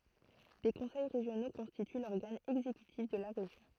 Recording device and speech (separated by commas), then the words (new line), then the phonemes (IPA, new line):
throat microphone, read sentence
Des conseils régionaux constituent l'organe exécutif de la région.
de kɔ̃sɛj ʁeʒjono kɔ̃stity lɔʁɡan ɛɡzekytif də la ʁeʒjɔ̃